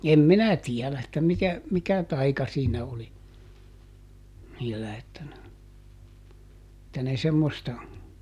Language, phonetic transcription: Finnish, ˈem "minä ˈtiɛlä että ˈmitä , ˈmikä ˈtaika siinä oli , niillä että ne , [et]tä ne ˈsemmosta ,.
- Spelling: en minä tiedä että mitä mikä taika siinä oli niillä että ne että ne semmoista

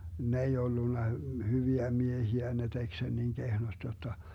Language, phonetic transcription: Finnish, 'ne ei 'ollunna , 'hyviä 'miehiä ne 'tek sen niŋ 'kehnost jotta .
- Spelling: ne ei ollut hyviä miehiä ne teki sen niin kehnosti jotta

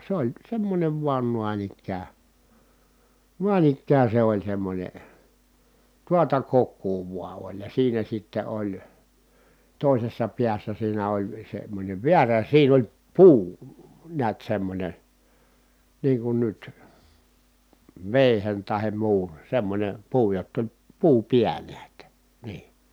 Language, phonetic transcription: Finnish, se oĺ semmońev vuan nuan ‿ikkää , nuan ‿ikkää se oĺ semmońe , tuata kokkuu vua oĺ ja siinä sitte oĺ , tòisessa piässä siinä oĺ semmońev viärä siin ‿oĺ , puu , niät semmońe , niiŋ kun nyt , vèihen tahem muun̬ , semmońem puu jott ‿oĺ , puu piäl̀ä ‿ttä , nii .
- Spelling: se oli semmoinen vain noin ikään noin ikään se oli semmoinen tuota kokoa vain oli ja siinä sitten oli toisessa päässä siinä oli semmoinen väärä siinä oli puu näet semmoinen niin kuin nyt veitsen tai muun semmoinen puu jotta oli puu päällä että niin

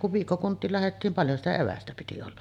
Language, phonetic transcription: Finnish, ja kuv 'viikkokunt̀iil lähettiin , 'paljon̳§ sitä 'evästä piti olla .
- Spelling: ja kun viikkokuntiin lähdettiin paljon sitä evästä piti olla

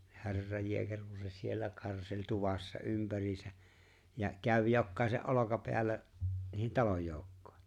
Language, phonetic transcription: Finnish, ni 'he̬rraj jeeker ku se 'siellä 'karseĺ 'tuvassa 'ympäriisä , ja 'käv 'jokkàese’ '’olokapeällä , 'niih(en̬) "talojjooukkᴏḙ .
- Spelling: niin herran jeekeri kun se siellä karseli tuvassa ympäriinsä ja kävi jokaisen olkapäällä niiden talonjoukkojen

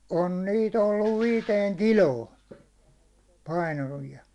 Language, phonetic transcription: Finnish, on 'niit ‿olluv 'viiteeŋ "kiloon , painavi₍a .
- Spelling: on niitä ollut viiteen kiloon painavia

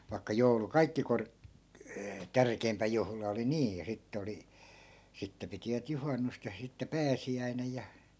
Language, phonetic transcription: Finnish, vai̮kka 'joulu "kaikki kork- , 'tärkei̮mpä juhla oli 'niij ja 'sittᵉ oli , 'sitte pitivät 'juhannust ja 'sitte "pääsi₍äinej ja .
- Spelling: vaikka joulu kaikkein - tärkein juhla oli niin ja sitten oli sitten pitivät juhannusta ja sitten pääsiäinen ja

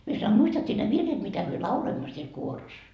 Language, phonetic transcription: Finnish, mie sanoi » a 'muistat sie ne 'virret mitä myö "lauloimmo siel 'kuoros ? »
- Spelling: minä sanoin a muistat sinä ne virret mitä me lauloimme siellä kuorossa

